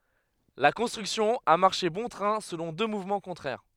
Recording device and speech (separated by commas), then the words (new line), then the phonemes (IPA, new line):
headset microphone, read sentence
La construction a marché bon train selon deux mouvements contraires.
la kɔ̃stʁyksjɔ̃ a maʁʃe bɔ̃ tʁɛ̃ səlɔ̃ dø muvmɑ̃ kɔ̃tʁɛʁ